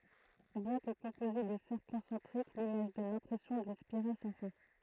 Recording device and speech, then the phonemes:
throat microphone, read sentence
bjɛ̃ kə kɔ̃poze də sɛʁkl kɔ̃sɑ̃tʁik limaʒ dɔn lɛ̃pʁɛsjɔ̃ dyn spiʁal sɑ̃ fɛ̃

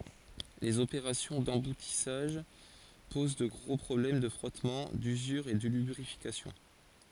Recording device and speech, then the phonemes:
forehead accelerometer, read sentence
lez opeʁasjɔ̃ dɑ̃butisaʒ poz də ɡʁo pʁɔblɛm də fʁɔtmɑ̃ dyzyʁ e də lybʁifikasjɔ̃

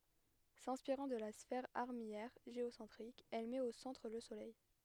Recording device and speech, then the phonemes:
headset microphone, read sentence
sɛ̃spiʁɑ̃ də la sfɛʁ aʁmijɛʁ ʒeosɑ̃tʁik ɛl mɛt o sɑ̃tʁ lə solɛj

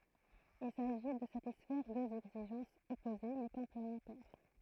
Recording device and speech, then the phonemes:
throat microphone, read sentence
il saʒi də satisfɛʁ døz ɛɡziʒɑ̃sz ɔpoze mɛ kɔ̃plemɑ̃tɛʁ

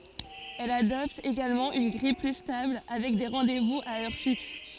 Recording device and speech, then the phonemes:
forehead accelerometer, read sentence
ɛl adɔpt eɡalmɑ̃ yn ɡʁij ply stabl avɛk de ʁɑ̃dɛzvuz a œʁ fiks

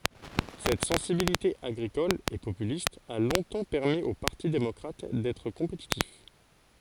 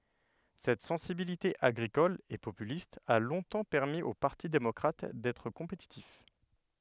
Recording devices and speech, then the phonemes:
forehead accelerometer, headset microphone, read sentence
sɛt sɑ̃sibilite aɡʁikɔl e popylist a lɔ̃tɑ̃ pɛʁmi o paʁti demɔkʁat dɛtʁ kɔ̃petitif

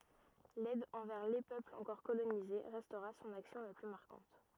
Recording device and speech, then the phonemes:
rigid in-ear microphone, read sentence
lɛd ɑ̃vɛʁ le pøplz ɑ̃kɔʁ kolonize ʁɛstʁa sɔ̃n aksjɔ̃ la ply maʁkɑ̃t

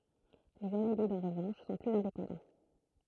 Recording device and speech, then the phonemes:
throat microphone, read sentence
lez anelidz ɑ̃ ʁəvɑ̃ʃ sɔ̃ plyz ɛ̃depɑ̃dɑ̃

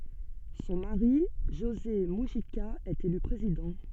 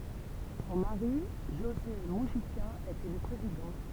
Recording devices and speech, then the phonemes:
soft in-ear microphone, temple vibration pickup, read sentence
sɔ̃ maʁi ʒoze myʒika ɛt ely pʁezidɑ̃

